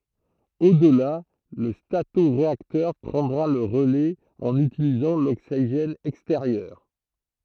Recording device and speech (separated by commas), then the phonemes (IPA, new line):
throat microphone, read sentence
odla lə statoʁeaktœʁ pʁɑ̃dʁa lə ʁəlɛz ɑ̃n ytilizɑ̃ loksiʒɛn ɛksteʁjœʁ